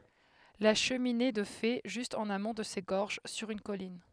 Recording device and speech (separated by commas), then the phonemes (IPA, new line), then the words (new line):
headset microphone, read sentence
la ʃəmine də fe ʒyst ɑ̃n amɔ̃ də se ɡɔʁʒ syʁ yn kɔlin
La cheminée de fées, juste en amont de ces gorges, sur une colline.